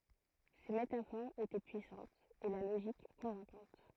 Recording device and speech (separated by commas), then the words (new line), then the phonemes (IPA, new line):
throat microphone, read sentence
Ces métaphores étaient puissantes, et la logique convaincante.
se metafoʁz etɛ pyisɑ̃tz e la loʒik kɔ̃vɛ̃kɑ̃t